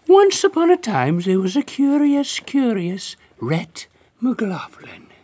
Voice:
high voice